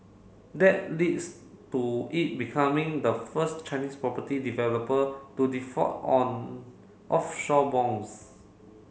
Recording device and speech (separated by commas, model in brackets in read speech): mobile phone (Samsung C7), read sentence